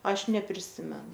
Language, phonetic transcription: Lithuanian, ˈaš nepriˈsimenu

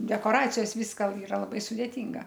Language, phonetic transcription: Lithuanian, dekoˈracijos ˈvyska iˈra laˈbai sudėˈtynga

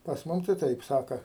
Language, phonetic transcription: Lithuanian, pas ˈmum tai ˈtaip ˈsaka

